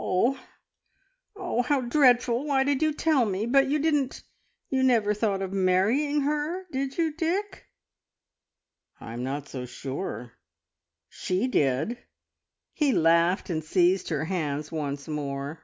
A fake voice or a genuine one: genuine